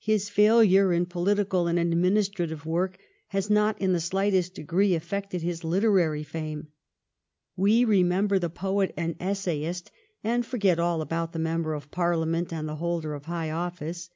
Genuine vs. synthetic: genuine